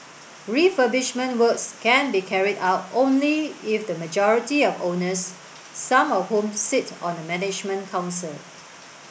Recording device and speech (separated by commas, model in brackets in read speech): boundary microphone (BM630), read sentence